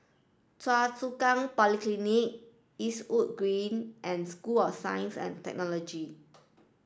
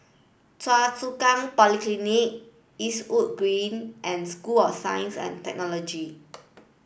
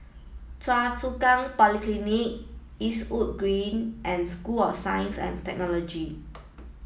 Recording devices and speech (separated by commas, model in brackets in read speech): standing microphone (AKG C214), boundary microphone (BM630), mobile phone (iPhone 7), read sentence